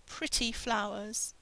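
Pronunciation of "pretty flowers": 'Pretty flowers' is said in British English, without the American change of the t in 'pretty' into a d sound.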